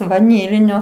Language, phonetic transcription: Lithuanian, vaˈnylinio

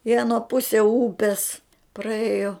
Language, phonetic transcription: Lithuanian, i aˈnuo ˈpusie ˈūpies praˈėjo

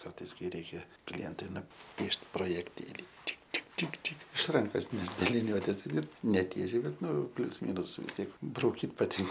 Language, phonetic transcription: Lithuanian, ˈkartais ˈkai ˈreikia ˈklientui nuˈpiešt projekˈtėlį ˈčik ˈčik ˈčik ˈči iš ˈrankos net be liˈniuotės ir neˈtiesiai ˈbet ˈnu ˈplius ˈmynus vis tiek brauˈkyt paˈtin

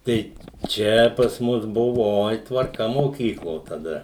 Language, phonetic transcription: Lithuanian, ˈtai ˈčia pas ˈmus ˈbuvo ˈoi tvarˈka moˈkyklo taˈda

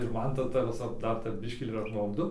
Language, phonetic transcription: Lithuanian, ir ˈman ˈta ˈta viˈsa ˈdar tep ˈbiškį ir apmauˈdu

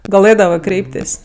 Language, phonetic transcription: Lithuanian, gaˈlɘdavɜ ˈkreiptės'

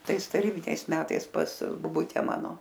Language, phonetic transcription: Lithuanian, ˈtais taˈrybiniais ˈmetais pas boˈbute ˈmano

